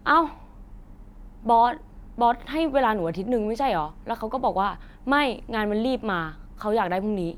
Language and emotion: Thai, frustrated